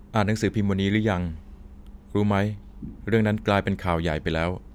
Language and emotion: Thai, neutral